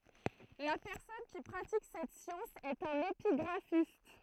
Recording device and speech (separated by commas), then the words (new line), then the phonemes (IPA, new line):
throat microphone, read sentence
La personne qui pratique cette science est un épigraphiste.
la pɛʁsɔn ki pʁatik sɛt sjɑ̃s ɛt œ̃n epiɡʁafist